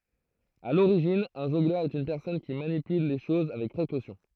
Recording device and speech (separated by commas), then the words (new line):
throat microphone, read sentence
À l'origine, un jongleur est une personne qui manipule les choses avec précaution.